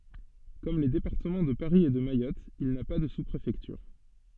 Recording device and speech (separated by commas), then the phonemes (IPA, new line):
soft in-ear microphone, read sentence
kɔm le depaʁtəmɑ̃ də paʁi e də majɔt il na pa də su pʁefɛktyʁ